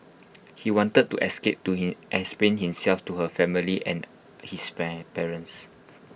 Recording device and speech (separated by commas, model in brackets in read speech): boundary microphone (BM630), read sentence